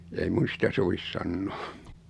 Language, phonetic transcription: Finnish, ei 'mun̬ sitä so-vis 'sannᴏᴏ .
- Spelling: ei minun sitä sovi sanoa

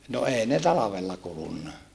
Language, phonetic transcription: Finnish, no eei ne talavella kulunna .
- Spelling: no ei ne talvella kulunut

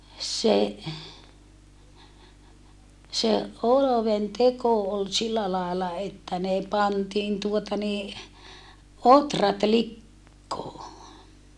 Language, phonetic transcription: Finnish, se , se ʼoloventeko ol sillä làela että ne pantiin tuota nii , otrat lik̀koo .
- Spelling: se se oluenteko oli sillä lailla että ne pantiin tuota niin ohrat likoon

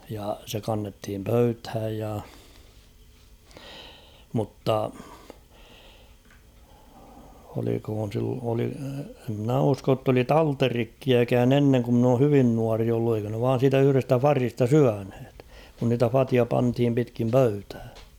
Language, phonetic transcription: Finnish, ja se kannethim 'pöythäj ja , mutta , olikhoon̬ sil- oli- , e ‿mnä 'usko ‿tt ‿oli "talterikkiäkään 'enneŋ ku ‿mn ‿oo 'hyvin 'nuari ollu eikö ne vaan̬ siitä yhʸrestä "farista "syänhᴇt , kun niitä "fatia 'panthim pitkiin "pöytää .
- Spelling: ja se kannettiin pöytään ja mutta olikohan - - en minä usko että oli talterikkiäkään ennen kun minä olen hyvin nuori ollut eikö ne vain siitä yhdestä vadista syöneet kun niitä vateja pantiin pitkin pöytää

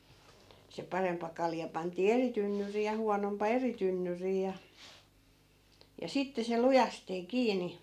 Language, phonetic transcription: Finnish, se 'paremp̀a 'kalja 'pant̀ii "eri tynnyrii ja 'huanompa 'eri tynnyrii ja , ja 'sitte se "lujastee "kiini .
- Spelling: se parempi kalja pantiin eri tynnyriin ja huonompi eri tynnyriin ja ja sitten se lujasti kiinni

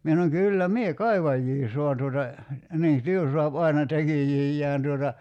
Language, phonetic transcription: Finnish, 'mie sanoŋ » 'kyllä "mie "kaivajjii soan tuota , "nii , "työ soap 'aina 'tekijijjään « tuota ,.
- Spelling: minä sanoin kyllä minä kaivajia saan tuota niin työ saa aina tekijöitään tuota

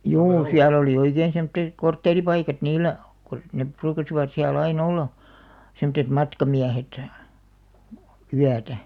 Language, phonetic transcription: Finnish, juu 'siäl ‿olì 'oikeen semᵒtteᵗ , "kortteeripaikat 'niillä , kᵒ , 'nep̆§ 'pruukasivat siä'l ‿ai"n ‿olla , semᵒttet 'matkamiähet , "yätä .
- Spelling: juu siellä oli oikein semmoisia kortteeripaikkoja niillä kun ne ruukasivat siellä aina olla semmoiset matkamiehet yötä

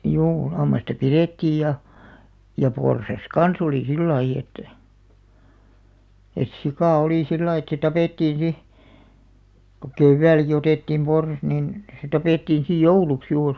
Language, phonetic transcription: Finnish, 'juu lammasta "pirettiij ja , ja 'porsas "kan's ‿olì "sillaiʲ ‿et , et 'sikà 'olì "sillaiʲ ‿et se 'tapèttiin̬ 'si , ko "kevväilᵃ̈ki otèttiim 'porsas nin , se 'tapèttiin sij "jouluks 'juur .
- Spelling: juu lammasta pidettiin ja ja porsas kanssa oli sillä lailla että että sika oli sillä lailla että se tapettiin sitten kun keväälläkin otettiin porsas niin se tapettiin sitten jouluksi juuri

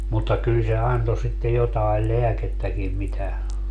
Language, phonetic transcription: Finnish, mutta 'kyl se 'anto sitte 'jotael "leäkettäkim mitä , .
- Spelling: mutta kyllä se antoi sitten jotakin lääkettäkin mitä

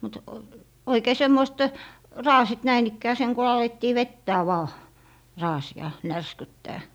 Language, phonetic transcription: Finnish, mut , 'oikee 'semmoist , "raasit 'näin ‿ikkää seŋ ku 'alettii "vettää 'vaa , "raasi₍a , "närskyttää .
- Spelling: mutta oikein semmoiset raasit näin ikään sen kun alettiin vetää vain raasia närskyttää

